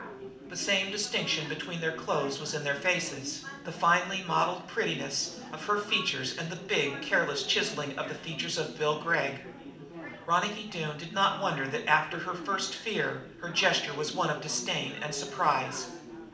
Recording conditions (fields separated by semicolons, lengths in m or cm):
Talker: one person; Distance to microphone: 2.0 m; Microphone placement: close; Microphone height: 99 cm; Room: medium-sized (5.7 m by 4.0 m); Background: babble